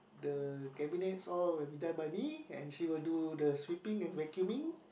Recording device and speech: boundary microphone, conversation in the same room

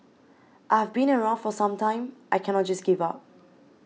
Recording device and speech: mobile phone (iPhone 6), read sentence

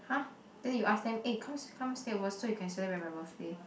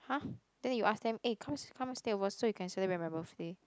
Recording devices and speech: boundary microphone, close-talking microphone, conversation in the same room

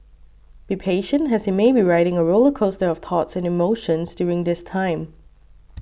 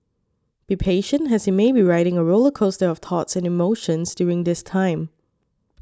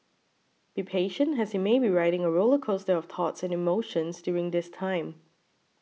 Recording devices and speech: boundary microphone (BM630), standing microphone (AKG C214), mobile phone (iPhone 6), read sentence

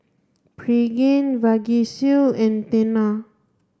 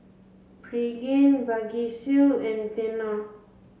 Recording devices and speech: standing microphone (AKG C214), mobile phone (Samsung C7), read sentence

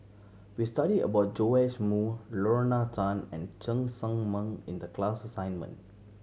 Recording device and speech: mobile phone (Samsung C7100), read sentence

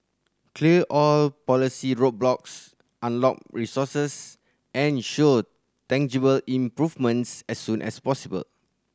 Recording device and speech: standing microphone (AKG C214), read sentence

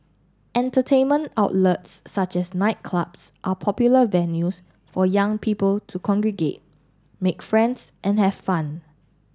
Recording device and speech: standing microphone (AKG C214), read sentence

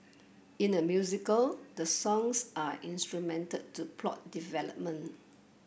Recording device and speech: boundary microphone (BM630), read sentence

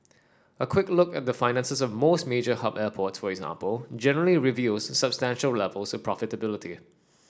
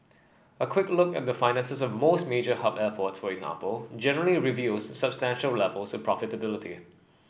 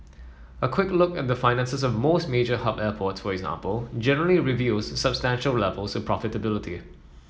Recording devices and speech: standing microphone (AKG C214), boundary microphone (BM630), mobile phone (iPhone 7), read sentence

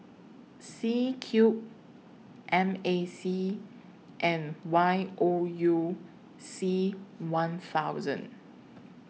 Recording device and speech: mobile phone (iPhone 6), read sentence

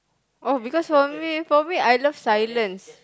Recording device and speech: close-talking microphone, conversation in the same room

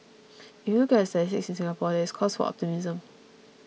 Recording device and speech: mobile phone (iPhone 6), read sentence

